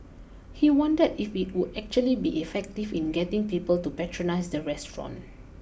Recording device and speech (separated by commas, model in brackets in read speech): boundary microphone (BM630), read sentence